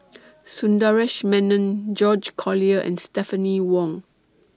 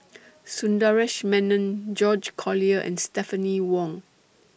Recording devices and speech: standing microphone (AKG C214), boundary microphone (BM630), read sentence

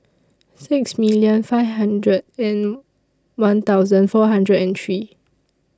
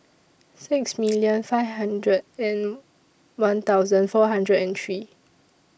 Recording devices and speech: standing microphone (AKG C214), boundary microphone (BM630), read sentence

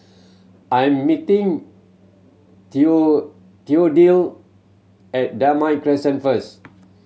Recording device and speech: mobile phone (Samsung C7100), read sentence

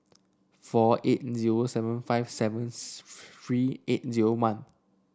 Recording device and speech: standing microphone (AKG C214), read sentence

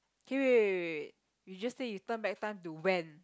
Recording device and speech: close-talking microphone, conversation in the same room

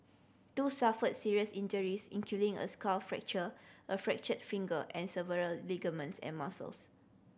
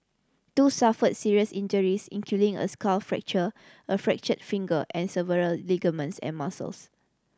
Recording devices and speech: boundary microphone (BM630), standing microphone (AKG C214), read sentence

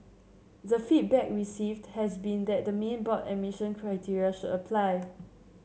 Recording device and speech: mobile phone (Samsung C7), read sentence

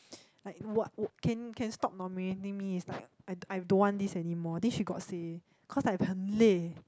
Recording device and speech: close-talking microphone, conversation in the same room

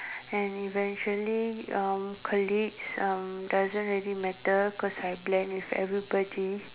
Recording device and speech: telephone, conversation in separate rooms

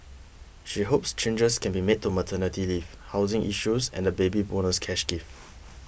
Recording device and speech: boundary microphone (BM630), read sentence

